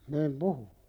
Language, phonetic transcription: Finnish, niim "puhu .
- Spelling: niin puhuin

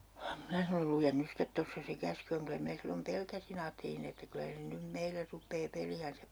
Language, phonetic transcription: Finnish, 'minä sanol » "lujen 'nys stet 'tossa se 'käsky oŋ » 'kylä 'minä sillom 'pelkäsi'n ‿aattelin ‿että 'kylä se nym "meiller 'rup̆pee 'peli₍änsäp 'pitää .
- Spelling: minä sanoin lue nyt sitten tuossa se käsky on kyllä minä silloin pelkäsin ajattelin että kyllä se nyt meille rupeaa peliänsä pitämään

